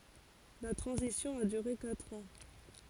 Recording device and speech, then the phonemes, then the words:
forehead accelerometer, read sentence
la tʁɑ̃zisjɔ̃ a dyʁe katʁ ɑ̃
La transition a duré quatre ans.

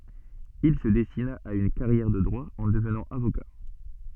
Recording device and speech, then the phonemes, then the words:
soft in-ear microphone, read sentence
il sə dɛstina a yn kaʁjɛʁ də dʁwa ɑ̃ dəvnɑ̃ avoka
Il se destina à une carrière de droit en devenant avocat.

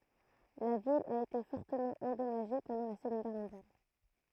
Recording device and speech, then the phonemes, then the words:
throat microphone, read sentence
la vil a ete fɔʁtəmɑ̃ ɑ̃dɔmaʒe pɑ̃dɑ̃ la səɡɔ̃d ɡɛʁ mɔ̃djal
La ville a été fortement endommagée pendant la Seconde Guerre mondiale.

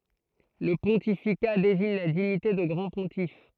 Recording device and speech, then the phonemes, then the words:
throat microphone, read sentence
lə pɔ̃tifika deziɲ la diɲite də ɡʁɑ̃ə pɔ̃tif
Le pontificat désigne la dignité de grand pontife.

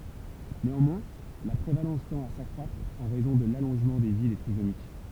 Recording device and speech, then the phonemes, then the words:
temple vibration pickup, read sentence
neɑ̃mwɛ̃ la pʁevalɑ̃s tɑ̃t a sakʁwatʁ ɑ̃ ʁɛzɔ̃ də lalɔ̃ʒmɑ̃ də vi de tʁizomik
Néanmoins, la prévalence tend à s’accroître, en raison de l'allongement de vie des trisomiques.

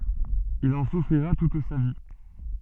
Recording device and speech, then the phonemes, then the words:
soft in-ear microphone, read sentence
il ɑ̃ sufʁiʁa tut sa vi
Il en souffrira toute sa vie.

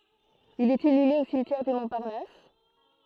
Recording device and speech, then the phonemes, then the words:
throat microphone, read sentence
il ɛt inyme o simtjɛʁ dy mɔ̃paʁnas
Il est inhumé au cimetière du Montparnasse.

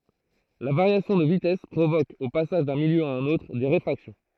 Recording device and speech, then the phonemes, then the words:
throat microphone, read sentence
la vaʁjasjɔ̃ də vitɛs pʁovok o pasaʒ dœ̃ miljø a œ̃n otʁ de ʁefʁaksjɔ̃
La variation de vitesse provoque, au passage d'un milieu à un autre, des réfractions.

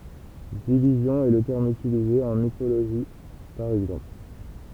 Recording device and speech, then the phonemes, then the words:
temple vibration pickup, read sentence
divizjɔ̃ ɛ lə tɛʁm ytilize ɑ̃ mikoloʒi paʁ ɛɡzɑ̃pl
Division est le terme utilisé en mycologie, par exemple.

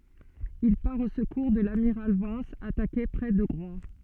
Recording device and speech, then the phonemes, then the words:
soft in-ear microphone, read sentence
il paʁ o səkuʁ də lamiʁal vɑ̃s atake pʁɛ də ɡʁwa
Il part au secours de l'amiral Vence, attaqué près de Groix.

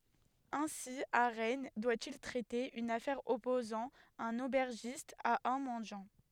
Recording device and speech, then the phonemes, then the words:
headset microphone, read sentence
ɛ̃si a ʁɛn dwa il tʁɛte yn afɛʁ ɔpozɑ̃ œ̃n obɛʁʒist a œ̃ mɑ̃djɑ̃
Ainsi à Rennes, doit-il traiter une affaire opposant un aubergiste à un mendiant.

